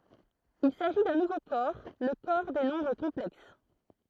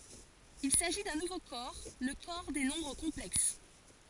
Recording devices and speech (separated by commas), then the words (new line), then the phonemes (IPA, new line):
throat microphone, forehead accelerometer, read sentence
Il s'agit d'un nouveau corps, le corps des nombres complexes.
il saʒi dœ̃ nuvo kɔʁ lə kɔʁ de nɔ̃bʁ kɔ̃plɛks